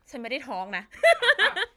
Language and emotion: Thai, happy